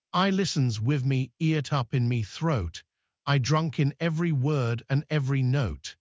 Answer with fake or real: fake